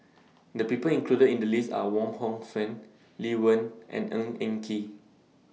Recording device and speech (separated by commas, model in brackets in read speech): mobile phone (iPhone 6), read sentence